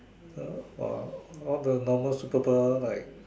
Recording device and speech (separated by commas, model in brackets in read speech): standing microphone, conversation in separate rooms